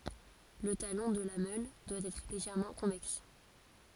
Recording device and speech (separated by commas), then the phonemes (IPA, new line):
forehead accelerometer, read sentence
lə talɔ̃ də la mœl dwa ɛtʁ leʒɛʁmɑ̃ kɔ̃vɛks